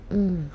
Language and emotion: Thai, neutral